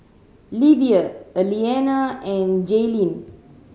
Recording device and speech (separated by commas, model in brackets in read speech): mobile phone (Samsung C7100), read sentence